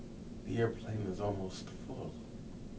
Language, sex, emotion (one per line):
English
male
neutral